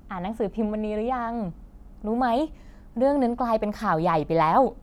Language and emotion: Thai, happy